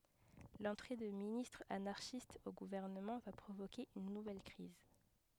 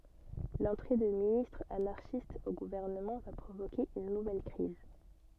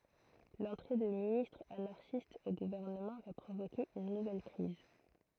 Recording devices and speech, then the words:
headset microphone, soft in-ear microphone, throat microphone, read sentence
L'entrée de ministres anarchiste au gouvernement va provoquer une nouvelle crise.

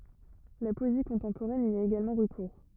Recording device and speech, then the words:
rigid in-ear microphone, read sentence
La poésie contemporaine y a également recours.

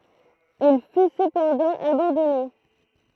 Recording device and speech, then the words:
throat microphone, read sentence
Il fut cependant abandonné.

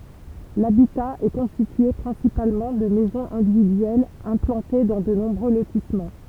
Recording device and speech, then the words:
temple vibration pickup, read sentence
L'habitat est constitué principalement de maisons individuelles implantées dans de nombreux lotissements.

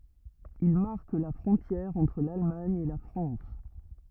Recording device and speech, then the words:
rigid in-ear microphone, read sentence
Il marque la frontière entre l'Allemagne et la France.

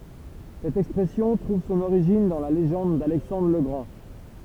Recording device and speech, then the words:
temple vibration pickup, read sentence
Cette expression trouve son origine dans la légende d’Alexandre le Grand.

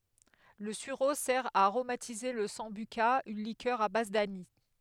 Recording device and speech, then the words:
headset microphone, read sentence
Le sureau sert à aromatiser la sambuca, une liqueur à base d'anis.

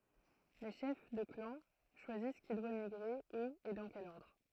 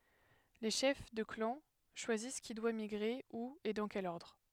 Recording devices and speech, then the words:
throat microphone, headset microphone, read sentence
Les chefs de clans choisissent qui doit migrer, où et dans quel ordre.

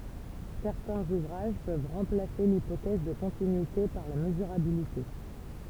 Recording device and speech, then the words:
temple vibration pickup, read sentence
Certains ouvrages peuvent remplacer l'hypothèse de continuité par la mesurabilité.

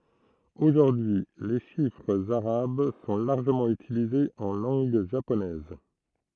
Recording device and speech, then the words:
throat microphone, read sentence
Aujourd'hui, les chiffres arabes sont largement utilisés en langue japonaise.

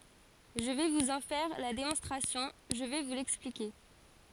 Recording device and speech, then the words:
forehead accelerometer, read sentence
Je vais vous en faire la démonstration, je vais vous l'expliquer.

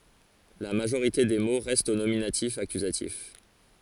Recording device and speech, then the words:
forehead accelerometer, read sentence
La majorité des mots restent au nominatif-accusatif.

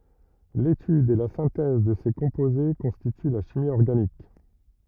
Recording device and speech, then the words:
rigid in-ear microphone, read sentence
L'étude et la synthèse de ces composés constituent la chimie organique.

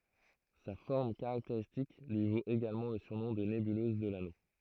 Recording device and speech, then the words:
throat microphone, read sentence
Sa forme caractéristique lui vaut également le surnom de nébuleuse de l'Anneau.

